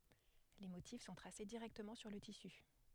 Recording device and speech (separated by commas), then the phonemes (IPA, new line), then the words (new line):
headset microphone, read sentence
le motif sɔ̃ tʁase diʁɛktəmɑ̃ syʁ lə tisy
Les motifs sont tracés directement sur le tissu.